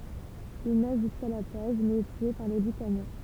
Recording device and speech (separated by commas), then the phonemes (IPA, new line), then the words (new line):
temple vibration pickup, read sentence
il naʒ ʒyska la plaʒ mɛz ɛ tye paʁ le lykanjɛ̃
Il nage jusqu'à la plage, mais est tué par les Lucaniens.